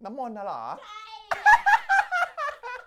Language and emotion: Thai, happy